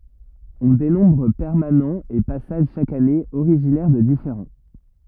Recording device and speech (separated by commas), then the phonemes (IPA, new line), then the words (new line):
rigid in-ear microphone, read sentence
ɔ̃ denɔ̃bʁ pɛʁmanɑ̃z e pasaʒ ʃak ane oʁiʒinɛʁ də difeʁɑ̃
On dénombre permanents, et passage chaque année, originaires de différents.